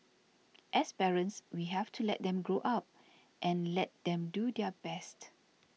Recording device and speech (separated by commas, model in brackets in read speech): mobile phone (iPhone 6), read sentence